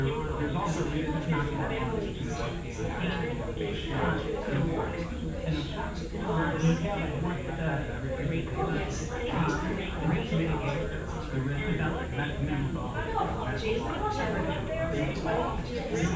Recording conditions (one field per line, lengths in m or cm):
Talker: one person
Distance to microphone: 9.8 m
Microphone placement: far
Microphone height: 1.8 m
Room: large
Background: babble